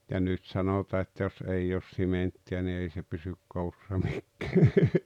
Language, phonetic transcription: Finnish, ja 'nyt sanotaa että jos 'ei oos "simentti₍ä ni 'ei se pysyk "koussa 'mikk(ᴀ̈ᴀ̈) .
- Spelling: ja nyt sanotaan että jos ei ole sementtiä niin ei se pysy koossa mikään

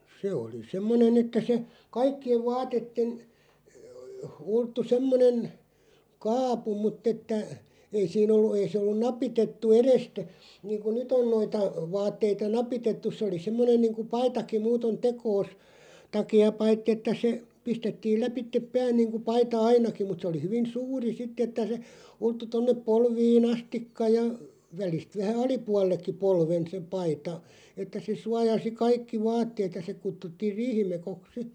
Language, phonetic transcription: Finnish, 'se oli "semmonen ‿että se , "kaikki₍ev 'vaatetten , 'ulttu 'semmonen , "kaapu mutt ‿että , 'ei siin ‿ollu 'ei sᵉ ollu 'napitettu "erestä , 'niiŋku "nyt ‿on 'noita , 'vaatteita "napitettuˢ se oli 'semmonen niiŋku "paitaki 'muuton "tekoos , 'taki₍a (e-) 'paitti että se , 'pistettiil 'läpittep "pään niiŋku 'paita "ainaki mut se oli 'hyvin "suuri 'sitt ‿että se , 'ulttu 'tonnep "polvii"n ‿astikka ja , 'välist 'vähä "alipual̆lekki 'polven se 'paita , että se 'suajasi "kaikki "vaatteet ja se 'kuttuttiiʳ "riihimekoks 'si .
- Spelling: se oli semmoinen että se kaikkien vaatteiden ulottui semmoinen kaapu mutta että ei siinä ollut ei se ollut napitettu edestä niin kuin nyt on noita vaatteita napitettu se oli semmoinen niin kuin paitakin muuten tekonsa takia - paitsi että se pistettiin läpi pään niin kuin paita ainakin mutta se oli hyvin suuri sitten että se ulottui tuonne polviin asti ja välistä vähän alapuolellekin polven se paita että se suojasi kaikki vaatteet ja se kutsuttiin riihimekoksi sitten

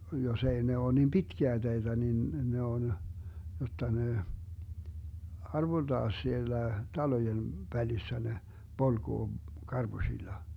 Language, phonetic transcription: Finnish, 'jos ‿ei ne 'oo nim "pitkiä 'teitä nin 'ne on , jotta ne , 'arvolDaa 'siellä , 'talojen 'välissä ne , 'polGoo , 'karBuśilla .
- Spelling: jos ei ne ole niin pitkiä teitä niin ne on jotta ne arvoltaan siellä talojen välissä ne polkee karpusilla

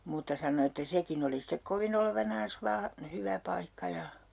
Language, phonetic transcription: Finnish, muutta 'sano että 'sekin ‿oli stek "kovin ‿olevanaans 'vaa , 'hyvä 'paikka ja ,.
- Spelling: mutta sanoi että sekin oli sitten kovin olevinaan vain hyvä paikka ja

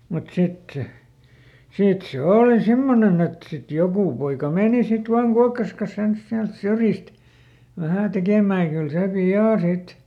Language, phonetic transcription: Finnish, mut ˈsit se , "sìt se "òli ˈsimmonen ‿et ˈsit ˈjokù poika ˈmèni sit ˈvaaŋ ˈkuakkas kas ens ˈsiält ˈsyrjist , ˈvähä̀ ˈtekèmää ʲᵃ kyl ˈsè "pi₍à ˈsit ,.
- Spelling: mutta sitten se sitten se oli semmoinen että sitten joku poika meni sitten vain kuokkansa kanssa ensin sieltä syrjistä vähän tekemään ja kyllä se pian sitten

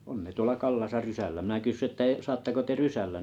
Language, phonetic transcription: Finnish, on ne 'tuola 'rysällä mⁱnä 'kyssyi ᵊttä e- » 'saattako 'te "rysällä ? «
- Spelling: on ne tuolla rysällä minä kysyin että - saatteko te rysällä

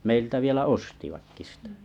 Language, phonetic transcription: Finnish, 'meiltä 'vielä "ostivakki sⁱtᴀ̈ .
- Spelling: meiltä vielä ostivatkin sitä

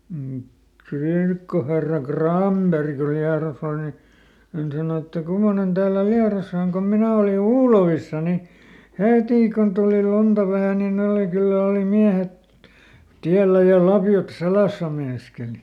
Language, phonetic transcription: Finnish, m̥ , "kirkkoherra "KràmBeri ku ˈLiaros ‿ol ni , ˈhän sano että » ˈkummonen täällä "Liarosa oŋ kom ˈminä oli "Uulovissa ni , "hetì kun tulì ˈlunta vähä nin ˈne oli ˈkyllä oli ˈmiähet , ˈtiällä ja ˈlapjot "seläsä » meinaskeli .
- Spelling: mm kirkkoherra Granberg kun Liedossa oli niin hän sanoi että kummoinen täällä Liedossa on kun minä olin Uulovissa niin heti kun tuli lunta vähän niin ne oli kyllä oli miehet täällä ja lapiot selässä meinaskeli

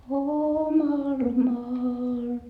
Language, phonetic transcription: Finnish, omal maal ,.
- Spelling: omalle maalle

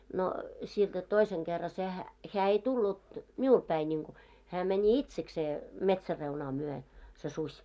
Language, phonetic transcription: Finnish, no sielᴅä 'toiseŋ 'ɢerra sehä , 'heä ei 'tullut , 'miul päi ńiŋku , hää mɛńi "itseksee , "metsär'reunaa myö , se 'suś .
- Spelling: no sieltä toisen kerran sehän hän ei tullut minulle päin niin kuin hän meni itsekseen metsänreunaa myöten se susi

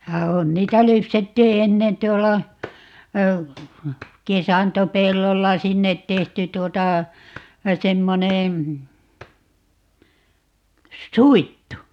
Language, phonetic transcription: Finnish, ja 'on - 'niitä 'lypsettii "ennen 't̀uola , "kesantopellolla - "sinnet 'tehty 'tuota , 'semmoneè , "suittu .
- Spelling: ja on niitä lypsettiin ennen tuolla kesantopellolla sinne tehty tuota semmoinen suittu

